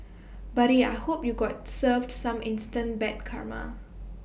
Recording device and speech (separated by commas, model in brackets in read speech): boundary microphone (BM630), read sentence